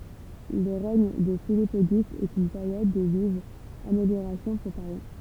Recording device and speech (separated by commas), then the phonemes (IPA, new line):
temple vibration pickup, read sentence
lə ʁɛɲ də filip oɡyst ɛt yn peʁjɔd də vivz ameljoʁasjɔ̃ puʁ paʁi